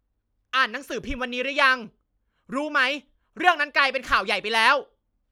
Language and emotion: Thai, angry